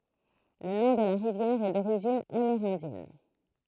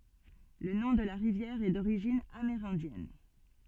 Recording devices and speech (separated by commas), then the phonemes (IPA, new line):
throat microphone, soft in-ear microphone, read sentence
lə nɔ̃ də la ʁivjɛʁ ɛ doʁiʒin ameʁɛ̃djɛn